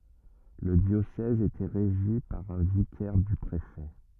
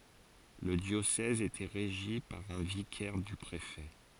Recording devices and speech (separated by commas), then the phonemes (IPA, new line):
rigid in-ear microphone, forehead accelerometer, read sentence
lə djosɛz etɛ ʁeʒi paʁ œ̃ vikɛʁ dy pʁefɛ